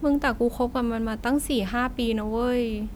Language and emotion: Thai, sad